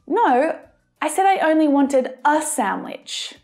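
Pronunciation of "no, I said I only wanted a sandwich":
In 'I only wanted a sandwich', the article 'a' is stressed, which sounds odd.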